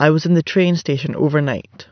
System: none